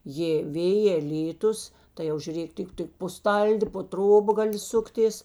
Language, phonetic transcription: Lithuanian, jė ˈvėjė ˈlyˌtus tai ˈjau žiuˈrėk ˈtik ˈtik po ˈstaldi po ˈtroba ˈgaˌli ˈsuktės

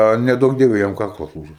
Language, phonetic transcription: Lithuanian, a neˈduok ˈdieve jam ˈkaklas ˈlūžes

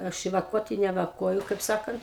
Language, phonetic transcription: Lithuanian, ˈaš i vaˈkuoti ne vaˈkuoju kaip ˈsakant

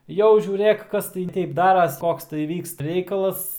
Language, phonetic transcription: Lithuanian, ˈjau žiūˈrėk ˈkas tai ˈteip ˈdaras ˈkoks tai ˈvykst ˈreikalas

